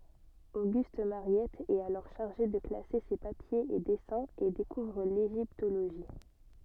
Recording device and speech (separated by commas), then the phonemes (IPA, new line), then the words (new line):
soft in-ear microphone, read sentence
oɡyst maʁjɛt ɛt alɔʁ ʃaʁʒe də klase se papjez e dɛsɛ̃z e dekuvʁ leʒiptoloʒi
Auguste Mariette est alors chargé de classer ses papiers et dessins et découvre l’égyptologie.